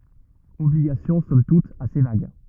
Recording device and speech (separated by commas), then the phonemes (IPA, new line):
rigid in-ear microphone, read sentence
ɔbliɡasjɔ̃ sɔm tut ase vaɡ